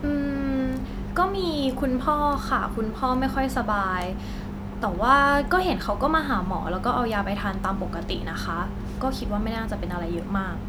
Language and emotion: Thai, neutral